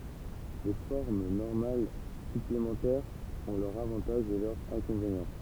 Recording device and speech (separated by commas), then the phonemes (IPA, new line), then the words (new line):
temple vibration pickup, read sentence
le fɔʁm nɔʁmal syplemɑ̃tɛʁz ɔ̃ lœʁz avɑ̃taʒz e lœʁz ɛ̃kɔ̃venjɑ̃
Les formes normales supplémentaires ont leurs avantages et leurs inconvénients.